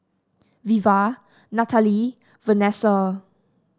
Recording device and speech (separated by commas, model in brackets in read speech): standing microphone (AKG C214), read sentence